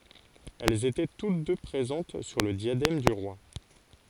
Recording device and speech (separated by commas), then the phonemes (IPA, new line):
forehead accelerometer, read sentence
ɛlz etɛ tut dø pʁezɑ̃t syʁ lə djadɛm dy ʁwa